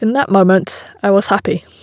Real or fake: real